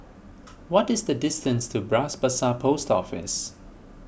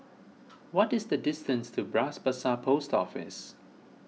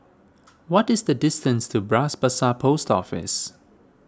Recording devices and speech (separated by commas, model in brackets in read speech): boundary microphone (BM630), mobile phone (iPhone 6), standing microphone (AKG C214), read sentence